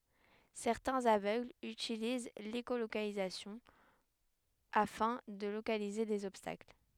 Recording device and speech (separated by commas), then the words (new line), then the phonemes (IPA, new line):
headset microphone, read sentence
Certains aveugles utilisent l'écholocalisation afin de localiser des obstacles.
sɛʁtɛ̃z avøɡlz ytiliz leʃolokalizasjɔ̃ afɛ̃ də lokalize dez ɔbstakl